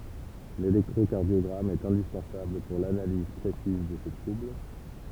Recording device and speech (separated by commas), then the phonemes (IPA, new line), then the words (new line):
temple vibration pickup, read sentence
lelɛktʁokaʁdjɔɡʁam ɛt ɛ̃dispɑ̃sabl puʁ lanaliz pʁesiz də se tʁubl
L'électrocardiogramme est indispensable pour l'analyse précise de ces troubles.